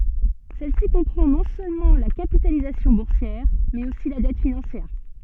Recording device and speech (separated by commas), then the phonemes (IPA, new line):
soft in-ear microphone, read sentence
sɛl si kɔ̃pʁɑ̃ nɔ̃ sølmɑ̃ la kapitalizasjɔ̃ buʁsjɛʁ mɛz osi la dɛt finɑ̃sjɛʁ